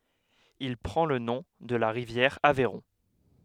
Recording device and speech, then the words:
headset microphone, read sentence
Il prend le nom de la rivière Aveyron.

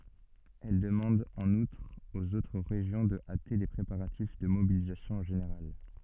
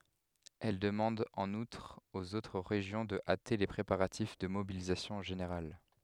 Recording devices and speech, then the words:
soft in-ear microphone, headset microphone, read sentence
Elle demande en outre aux autres régions de hâter les préparatifs de mobilisation générale.

